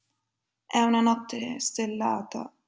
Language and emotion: Italian, sad